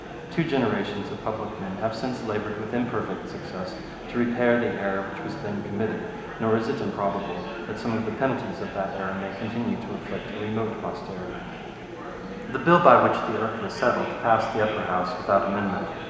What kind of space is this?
A large, echoing room.